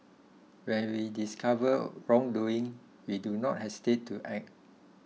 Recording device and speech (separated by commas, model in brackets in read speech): mobile phone (iPhone 6), read sentence